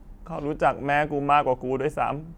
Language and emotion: Thai, sad